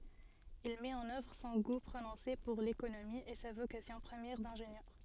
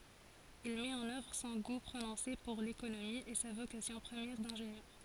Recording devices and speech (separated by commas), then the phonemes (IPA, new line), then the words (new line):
soft in-ear microphone, forehead accelerometer, read sentence
il mɛt ɑ̃n œvʁ sɔ̃ ɡu pʁonɔ̃se puʁ lekonomi e sa vokasjɔ̃ pʁəmjɛʁ dɛ̃ʒenjœʁ
Il met en œuvre son goût prononcé pour l'économie et sa vocation première d'ingénieur.